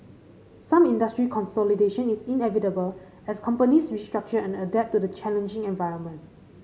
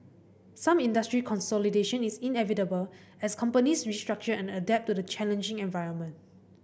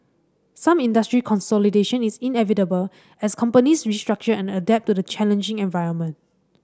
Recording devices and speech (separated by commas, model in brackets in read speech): mobile phone (Samsung C5010), boundary microphone (BM630), standing microphone (AKG C214), read sentence